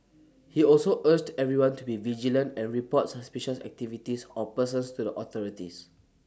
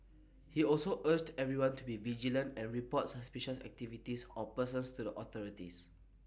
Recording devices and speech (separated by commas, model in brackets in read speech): standing microphone (AKG C214), boundary microphone (BM630), read sentence